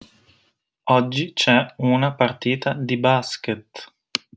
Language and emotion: Italian, neutral